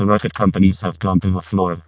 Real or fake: fake